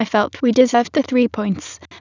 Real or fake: fake